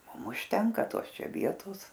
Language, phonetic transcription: Lithuanian, ˈmum užˈtenka ˈtos ˈčia ˈvietos

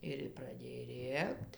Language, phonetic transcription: Lithuanian, ˈir praˈdėj ˈrėkt

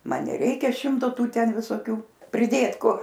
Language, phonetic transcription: Lithuanian, ˈman neˈreikia ˈšimto ˈtų ˈten visoˈkių priˈdėt ˈkur

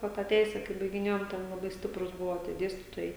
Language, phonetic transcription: Lithuanian, ˈva tą ˈteise kai baigiˈnėjom ˈten laˈbai ˈstiprus ˈbuvo tie ˈdėstytojai

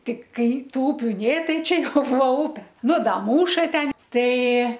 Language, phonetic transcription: Lithuanian, ˈtik ˈkai ˈtų ˈupiu ˈnė ˈtai ˈčia ˈjau ˈbūva ˈupe ˈnu ˈda ˈmūša ˈten ˈtai

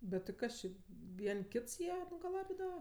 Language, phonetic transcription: Lithuanian, bet ti ˈkas či ˈvien' ˈkits ˈjie nugaˈlabidava

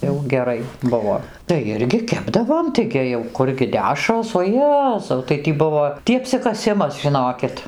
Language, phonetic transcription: Lithuanian, jau geˈrai ˈbuvo tai ˈirgi ˈkepdavom taiˈgi jau ˈkurgi ˈdešros o ˈjezau tai ˈtį ˈbuvo ˈtį apsikaˈsimas žiˈnokit

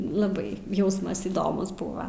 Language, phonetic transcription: Lithuanian, laˈbai ˈjausmas įˈdomus ˈbūva

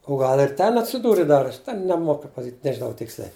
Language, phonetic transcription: Lithuanian, o ˈgal ir ˈten atsiˈdūri dar ˈten neˈmoku pasaˈkyt' nežiˈnau ˈtiksliai

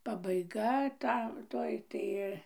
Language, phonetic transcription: Lithuanian, pabaiˈga ˈta ˈtoj tai

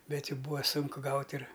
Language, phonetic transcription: Lithuanian, ˈbet ˈjų ˈbūva ˈsunku ˈgaut' ir

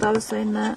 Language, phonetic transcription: Lithuanian, ˈtau jiˈsai ne

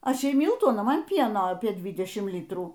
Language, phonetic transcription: Lithuanian, ˈaš ˈjai ˈmiltų aˈna ˈman ˈpieno ˈapie ˈdvidešim ˈlytrų

